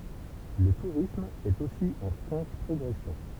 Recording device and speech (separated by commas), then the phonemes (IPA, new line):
temple vibration pickup, read sentence
lə tuʁism ɛt osi ɑ̃ fʁɑ̃ʃ pʁɔɡʁɛsjɔ̃